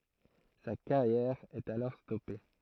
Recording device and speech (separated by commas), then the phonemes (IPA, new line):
throat microphone, read sentence
sa kaʁjɛʁ ɛt alɔʁ stɔpe